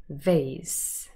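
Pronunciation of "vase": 'Vase' is given the American pronunciation here, not the British one.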